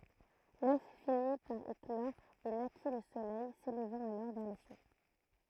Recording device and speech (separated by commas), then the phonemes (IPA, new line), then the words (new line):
throat microphone, read sentence
lœf fini paʁ eklɔʁ e naki lə solɛj selvɑ̃t alɔʁ vɛʁ le sjø
L'œuf finit par éclore et naquit le soleil, s'élevant alors vers les cieux.